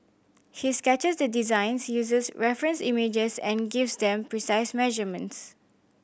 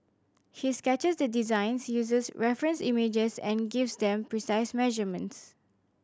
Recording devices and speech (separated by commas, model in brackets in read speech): boundary microphone (BM630), standing microphone (AKG C214), read sentence